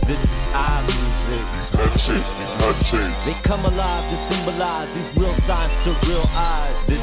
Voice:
Deep voice